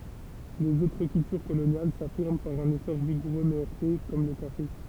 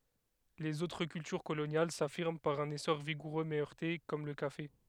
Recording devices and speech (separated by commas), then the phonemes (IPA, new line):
temple vibration pickup, headset microphone, read sentence
lez otʁ kyltyʁ kolonjal safiʁm paʁ œ̃n esɔʁ viɡuʁø mɛ œʁte kɔm lə kafe